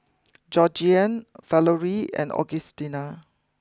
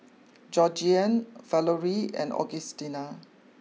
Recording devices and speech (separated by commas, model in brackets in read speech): close-talking microphone (WH20), mobile phone (iPhone 6), read sentence